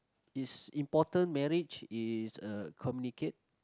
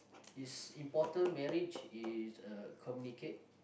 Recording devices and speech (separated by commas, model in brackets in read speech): close-talking microphone, boundary microphone, conversation in the same room